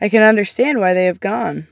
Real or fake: real